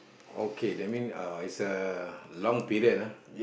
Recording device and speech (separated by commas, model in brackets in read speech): boundary microphone, conversation in the same room